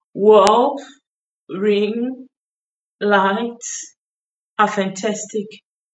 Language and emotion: English, sad